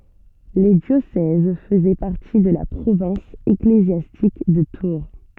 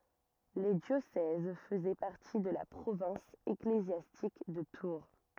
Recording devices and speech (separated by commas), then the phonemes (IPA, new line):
soft in-ear microphone, rigid in-ear microphone, read sentence
le djosɛz fəzɛ paʁti də la pʁovɛ̃s eklezjastik də tuʁ